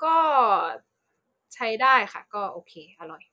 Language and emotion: Thai, neutral